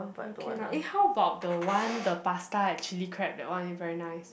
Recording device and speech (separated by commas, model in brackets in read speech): boundary microphone, conversation in the same room